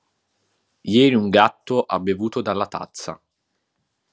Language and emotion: Italian, neutral